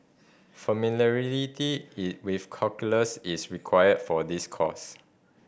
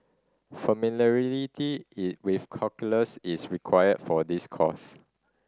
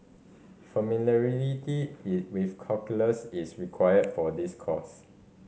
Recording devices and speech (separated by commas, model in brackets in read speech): boundary microphone (BM630), standing microphone (AKG C214), mobile phone (Samsung C5010), read sentence